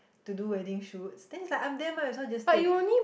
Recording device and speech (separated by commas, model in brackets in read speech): boundary microphone, conversation in the same room